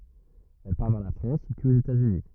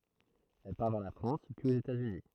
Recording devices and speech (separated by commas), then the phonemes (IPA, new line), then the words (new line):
rigid in-ear microphone, throat microphone, read sentence
ɛl paʁ vɛʁ la fʁɑ̃s pyiz oz etatsyni
Elle part vers la France, puis aux États-Unis.